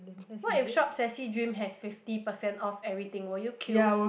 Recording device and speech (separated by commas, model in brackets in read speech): boundary microphone, conversation in the same room